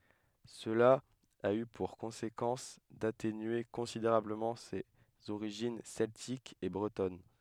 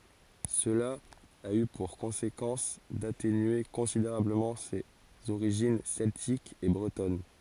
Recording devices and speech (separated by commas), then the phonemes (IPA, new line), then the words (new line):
headset microphone, forehead accelerometer, read sentence
səla a y puʁ kɔ̃sekɑ̃s datenye kɔ̃sideʁabləmɑ̃ sez oʁiʒin sɛltikz e bʁətɔn
Cela a eu pour conséquence d'atténuer considérablement ses origines celtiques et bretonnes.